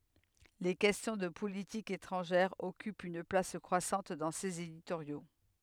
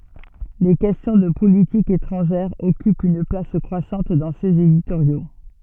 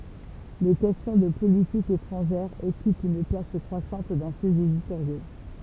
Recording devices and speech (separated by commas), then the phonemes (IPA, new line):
headset microphone, soft in-ear microphone, temple vibration pickup, read sentence
le kɛstjɔ̃ də politik etʁɑ̃ʒɛʁ ɔkypt yn plas kʁwasɑ̃t dɑ̃ sez editoʁjo